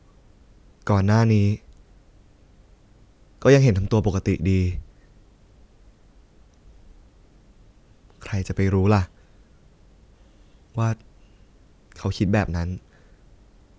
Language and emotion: Thai, sad